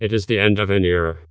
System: TTS, vocoder